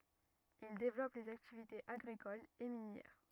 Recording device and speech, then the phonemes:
rigid in-ear microphone, read sentence
il devlɔp lez aktivitez aɡʁikolz e minjɛʁ

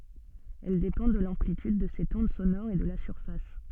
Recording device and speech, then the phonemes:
soft in-ear microphone, read sentence
ɛl depɑ̃ də lɑ̃plityd də sɛt ɔ̃d sonɔʁ e də la syʁfas

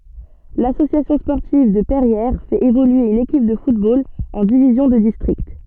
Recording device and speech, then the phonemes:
soft in-ear microphone, read sentence
lasosjasjɔ̃ spɔʁtiv də pɛʁjɛʁ fɛt evolye yn ekip də futbol ɑ̃ divizjɔ̃ də distʁikt

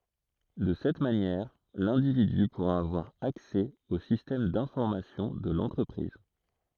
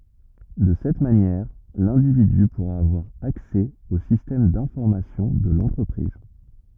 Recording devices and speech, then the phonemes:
throat microphone, rigid in-ear microphone, read sentence
də sɛt manjɛʁ lɛ̃dividy puʁa avwaʁ aksɛ o sistɛm dɛ̃fɔʁmasjɔ̃ də lɑ̃tʁəpʁiz

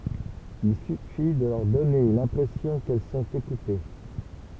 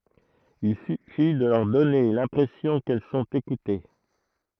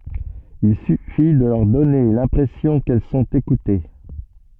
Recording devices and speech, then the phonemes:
temple vibration pickup, throat microphone, soft in-ear microphone, read sentence
il syfi də lœʁ dɔne lɛ̃pʁɛsjɔ̃ kɛl sɔ̃t ekute

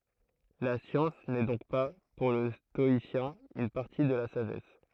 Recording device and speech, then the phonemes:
throat microphone, read sentence
la sjɑ̃s nɛ dɔ̃k pa puʁ lə stɔisjɛ̃ yn paʁti də la saʒɛs

